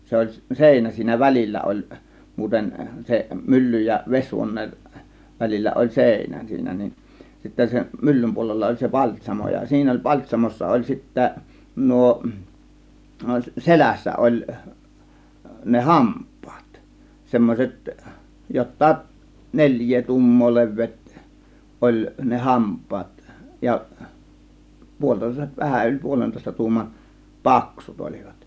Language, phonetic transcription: Finnish, 'se oĺ "sèinä siinä "välil͕l͕ä oĺ , 'muuten se 'myllyj ja 'ves͕huon̆neen , 'välil͕l͕ä oĺ "sèinä siinä nin , sittä 'sem "myllym 'puolella oĺ se "paĺt́śamo ja siinä oĺ "paĺt́śamossa oĺ sittä , 'nuo , "selässä 'ˀoĺ , ne "hamp̆pAAt , 'semmośet , 'jottaaˀ , "neĺj̆jee "tuum̀moo 'le̬v̆veet , 'oĺ ne "hamp̆paat ja , 'puol͕tòės- , 'vähän yĺ 'puolentòėsta 'tuuman , "paksut 'ol͕iVAt .
- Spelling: se oli seinä siinä välillä oli muuten sen myllyn ja vesihuoneen välillä oli seinä siinä niin sitten sen myllyn puolella oli se paltsamo ja siinä oli paltsamossa oli sitten nuo selässä oli ne hampaat semmoiset jotakin neljää tuumaa leveät oli ne hampaat ja - vähän yli puolentoista tuuman paksut olivat

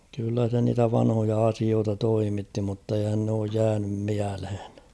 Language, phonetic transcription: Finnish, kyllä se niitä 'vanhoja 'asioota 'toimitti mutteihän n ‿ooj 'jäänym 'miälhᴇɴ .
- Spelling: kyllä se niitä vanhoja asioita toimitti mutta eihän ne ole jäänyt mieleen

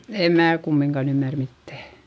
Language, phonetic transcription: Finnish, èm mää kummiŋkan ‿ymmär mittä̀ .
- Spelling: en minä kumminkaan ymmärrä mitään

